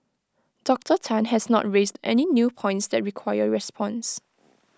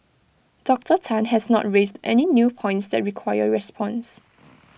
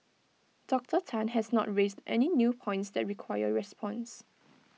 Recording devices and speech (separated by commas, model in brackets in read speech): close-talking microphone (WH20), boundary microphone (BM630), mobile phone (iPhone 6), read sentence